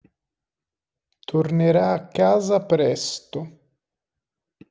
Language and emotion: Italian, neutral